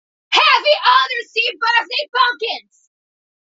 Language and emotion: English, neutral